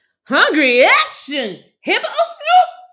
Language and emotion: English, surprised